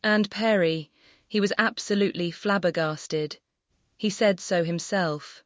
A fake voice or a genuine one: fake